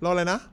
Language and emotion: Thai, neutral